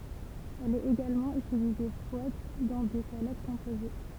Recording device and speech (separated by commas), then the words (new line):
temple vibration pickup, read sentence
Elle est également utilisée froide dans des salades composées.